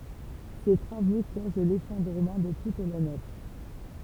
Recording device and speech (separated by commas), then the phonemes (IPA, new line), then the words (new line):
temple vibration pickup, read sentence
se tʁavo koz lefɔ̃dʁəmɑ̃ də tut la nɛf
Ces travaux causent l'effondrement de toute la nef.